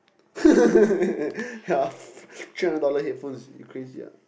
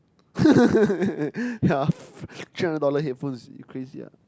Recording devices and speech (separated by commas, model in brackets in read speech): boundary microphone, close-talking microphone, conversation in the same room